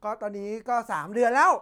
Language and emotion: Thai, happy